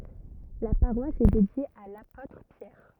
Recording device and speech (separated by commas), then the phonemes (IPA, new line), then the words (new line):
rigid in-ear microphone, read sentence
la paʁwas ɛ dedje a lapotʁ pjɛʁ
La paroisse est dédiée à l'apôtre Pierre.